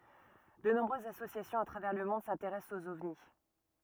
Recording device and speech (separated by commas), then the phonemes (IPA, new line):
rigid in-ear microphone, read sentence
də nɔ̃bʁøzz asosjasjɔ̃z a tʁavɛʁ lə mɔ̃d sɛ̃teʁɛst oz ɔvni